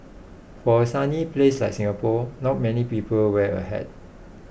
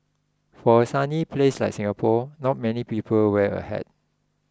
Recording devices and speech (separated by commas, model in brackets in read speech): boundary microphone (BM630), close-talking microphone (WH20), read sentence